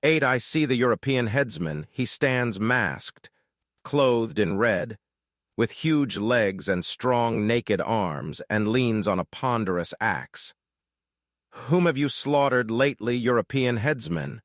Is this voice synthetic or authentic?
synthetic